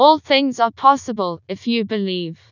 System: TTS, vocoder